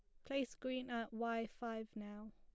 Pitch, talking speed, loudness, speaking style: 230 Hz, 170 wpm, -44 LUFS, plain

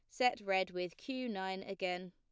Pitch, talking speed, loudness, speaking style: 190 Hz, 190 wpm, -38 LUFS, plain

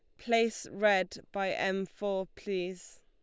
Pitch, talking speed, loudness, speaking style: 195 Hz, 125 wpm, -32 LUFS, Lombard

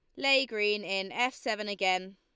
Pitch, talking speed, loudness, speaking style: 210 Hz, 185 wpm, -29 LUFS, Lombard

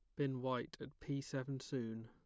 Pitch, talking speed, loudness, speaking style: 135 Hz, 195 wpm, -43 LUFS, plain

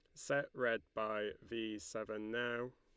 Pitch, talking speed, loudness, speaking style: 110 Hz, 140 wpm, -41 LUFS, Lombard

